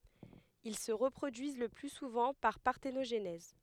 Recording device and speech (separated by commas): headset microphone, read sentence